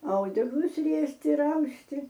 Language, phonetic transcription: Lithuanian, ˈaudeklus ˈriesti ir ˈausti

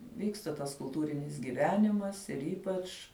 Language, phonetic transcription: Lithuanian, ˈvyksta tas kulˈtūrinis gyˈvenimas ir ˈypač

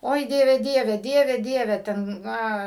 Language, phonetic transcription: Lithuanian, ˈoi ˈdieve ˈdieve ˈdieve ˈdieve ˈten ˈna

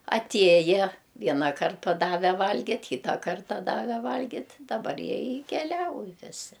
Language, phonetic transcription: Lithuanian, aˈtieja ˈvienaˌkart paˈdave ˈvalgit' ˈkyta ˈkarta ˈdave ˈvalgit' daˈbar ˈjie i keˈliauj viˈsi

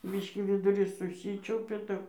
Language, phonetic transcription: Lithuanian, ˈbyškį viduˈrys suˈsyčiaupia ˈtap

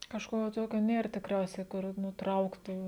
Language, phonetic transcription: Lithuanian, kažˈko ˈtokio ˈnėr tikˈriausiai kur ˈnu ˈtrauktų

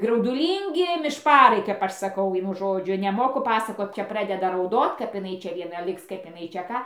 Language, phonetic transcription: Lithuanian, grauduˈlyngi mišˈparai kap ˈaš saˈkau ˈvienu ˈžodžiu neˈmoku ˈpasakot ˈčia ˈpradeda rauˈdot kap iˈnai ˈčia vieˈna ˈliks ˈkaip iˈnai čia ˈką

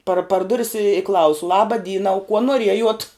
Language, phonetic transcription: Lithuanian, par par ˈduris i ˈklausu ˈlaba ˈdyna u kuo nuoˈriejuot

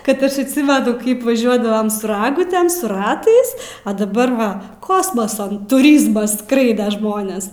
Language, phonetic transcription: Lithuanian, kad ˈaš atˈsimenu ˈkaip vaˈžiuodavom su ˈragutėm su ˈratais a daˈbar ˈva ˈkosmasa tuˈryzmas ˈskraida ˈžmonės

